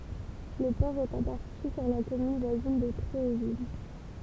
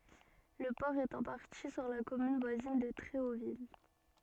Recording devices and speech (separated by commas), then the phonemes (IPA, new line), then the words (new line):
temple vibration pickup, soft in-ear microphone, read sentence
lə pɔʁ ɛt ɑ̃ paʁti syʁ la kɔmyn vwazin də tʁeovil
Le port est en partie sur la commune voisine de Tréauville.